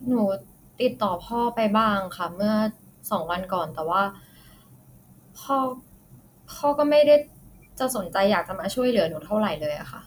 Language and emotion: Thai, frustrated